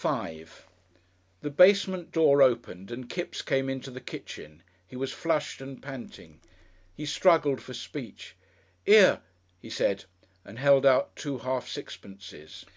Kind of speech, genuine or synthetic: genuine